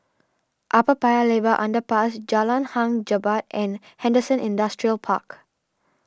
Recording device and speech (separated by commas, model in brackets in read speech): standing microphone (AKG C214), read sentence